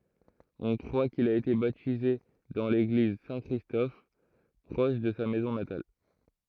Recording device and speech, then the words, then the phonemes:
throat microphone, read sentence
On croit qu'il a été baptisé dans l'église Saint-Christophe proche de sa maison natale.
ɔ̃ kʁwa kil a ete batize dɑ̃ leɡliz sɛ̃ kʁistɔf pʁɔʃ də sa mɛzɔ̃ natal

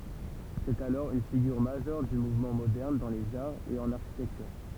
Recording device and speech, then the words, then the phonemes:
temple vibration pickup, read sentence
C’est alors une figure majeure du mouvement moderne dans les arts et en architecture.
sɛt alɔʁ yn fiɡyʁ maʒœʁ dy muvmɑ̃ modɛʁn dɑ̃ lez aʁz e ɑ̃n aʁʃitɛktyʁ

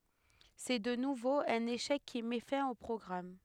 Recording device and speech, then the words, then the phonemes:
headset microphone, read sentence
C'est de nouveau un échec qui met fin au programme.
sɛ də nuvo œ̃n eʃɛk ki mɛ fɛ̃ o pʁɔɡʁam

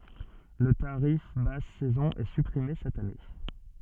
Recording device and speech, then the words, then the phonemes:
soft in-ear microphone, read sentence
Le tarif basse saison est supprimé cette année.
lə taʁif bas sɛzɔ̃ ɛ sypʁime sɛt ane

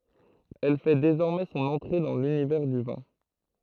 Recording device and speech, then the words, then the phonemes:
throat microphone, read sentence
Elle fait désormais son entrée dans l'univers du vin.
ɛl fɛ dezɔʁmɛ sɔ̃n ɑ̃tʁe dɑ̃ lynivɛʁ dy vɛ̃

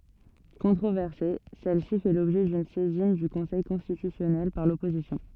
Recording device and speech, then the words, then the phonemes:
soft in-ear microphone, read sentence
Controversée, celle-ci fait l'objet d'une saisine du Conseil constitutionnel par l'opposition.
kɔ̃tʁovɛʁse sɛl si fɛ lɔbʒɛ dyn sɛzin dy kɔ̃sɛj kɔ̃stitysjɔnɛl paʁ lɔpozisjɔ̃

